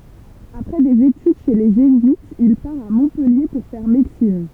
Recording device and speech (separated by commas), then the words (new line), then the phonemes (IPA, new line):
temple vibration pickup, read sentence
Après des études chez les jésuites, il part à Montpellier pour faire médecine.
apʁɛ dez etyd ʃe le ʒezyitz il paʁ a mɔ̃pɛlje puʁ fɛʁ medəsin